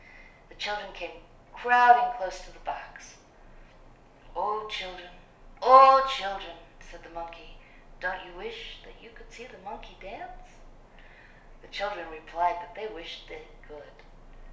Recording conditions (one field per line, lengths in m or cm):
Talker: one person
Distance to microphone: 1.0 m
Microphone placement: close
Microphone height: 1.1 m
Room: small (3.7 m by 2.7 m)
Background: none